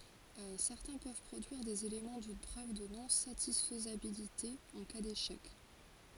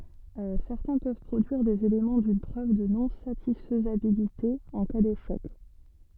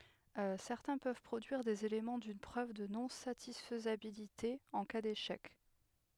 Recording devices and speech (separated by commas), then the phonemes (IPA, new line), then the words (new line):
forehead accelerometer, soft in-ear microphone, headset microphone, read sentence
sɛʁtɛ̃ pøv pʁodyiʁ dez elemɑ̃ dyn pʁøv də nɔ̃satisfjabilite ɑ̃ ka deʃɛk
Certains peuvent produire des éléments d'une preuve de non-satisfiabilité en cas d'échec.